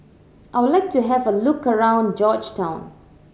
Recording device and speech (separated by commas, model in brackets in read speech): mobile phone (Samsung C7100), read sentence